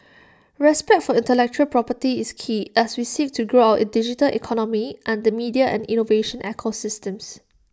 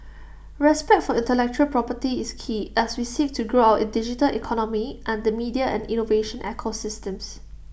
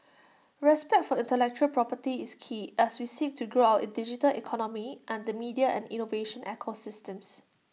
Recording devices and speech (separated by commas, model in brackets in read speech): standing microphone (AKG C214), boundary microphone (BM630), mobile phone (iPhone 6), read sentence